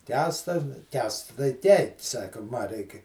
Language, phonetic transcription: Lithuanian, ˈkęsta nu ˈkęsts tai ˈtei ˈsaka ˈma ˈreiki

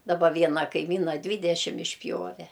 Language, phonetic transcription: Lithuanian, daˈba ˈviena kaiˈmyna ˈdvydešim išˈpjove

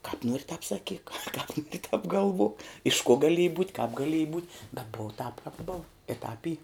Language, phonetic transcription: Lithuanian, kāp ˈnuori tāp saˈkyk kāp ˈnuori tāp gaˈlvuok iš kuo gaˈlieji būt' kap gaˈlieji būt' bet ˈbova tāp kāp bov i ˈtāp ˈy

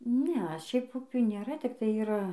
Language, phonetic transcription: Lithuanian, ˈne ˈšiaip ˈupių nėˈra tikˈtai yˈra

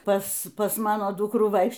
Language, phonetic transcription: Lithuanian, ˈpas ˈpas ˈmano ˈdukrų ˈvaikš

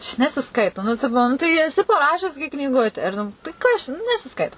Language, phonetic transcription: Lithuanian, čia nesiˈskaito nu ˈtipo ˈnu tai eˈsi paˈrašius gi knyˈgute ir ˈnu tai kas čia nu nesiˈskaito

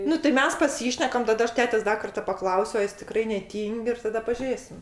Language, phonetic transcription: Lithuanian, ˈnu tai ˈmes paˈsyšnekam taˈda ˈaš ˈtetes ˈda karta paˈklausiu a ˈjis tiˈkrai neˈtyng' ir taˈda paˈžėsim

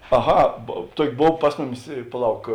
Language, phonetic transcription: Lithuanian, aˈha ˈtuoki ˈbov ˈpas muˌmis i paˈlauk

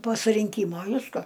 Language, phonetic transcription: Lithuanian, po surinˈkymo ˈviska

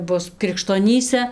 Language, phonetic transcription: Lithuanian, ˈbus krikštoˈnyse

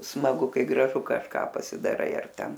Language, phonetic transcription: Lithuanian, smaˈgu ˈkai graˈžu kažˈką pasidaˈrai ar ˈten

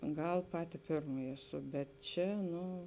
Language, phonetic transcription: Lithuanian, ˈgal ˈpati ˈpirmaji eˈsu bet ˈčia ˈnu

